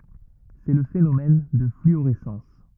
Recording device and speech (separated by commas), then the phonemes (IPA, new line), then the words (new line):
rigid in-ear microphone, read sentence
sɛ lə fenomɛn də flyoʁɛsɑ̃s
C'est le phénomène de fluorescence.